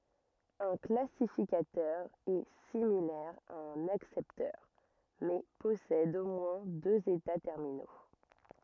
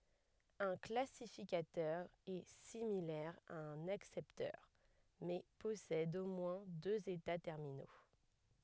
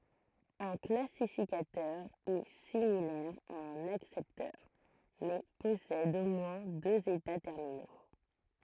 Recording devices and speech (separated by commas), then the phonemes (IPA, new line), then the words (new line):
rigid in-ear microphone, headset microphone, throat microphone, read sentence
œ̃ klasifikatœʁ ɛ similɛʁ a œ̃n aksɛptœʁ mɛ pɔsɛd o mwɛ̃ døz eta tɛʁmino
Un classificateur est similaire à un accepteur, mais possède au moins deux états terminaux.